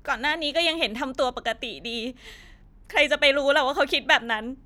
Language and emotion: Thai, sad